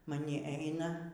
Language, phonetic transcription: Lithuanian, maˈni ˈeina

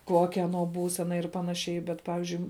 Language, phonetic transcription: Lithuanian, ˈkuokia aˈnuo ˈbūsena ir ˈpanaˌšiai bet ˈpavizdžiui

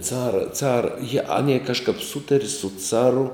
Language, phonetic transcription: Lithuanian, ˈcara ˈcara jie ˈanie kažˈkap ˈsutari su ˈcaru

